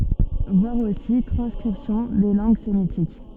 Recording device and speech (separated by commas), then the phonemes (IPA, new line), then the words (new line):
soft in-ear microphone, read sentence
vwaʁ osi tʁɑ̃skʁipsjɔ̃ de lɑ̃ɡ semitik
Voir aussi Transcription des langues sémitiques.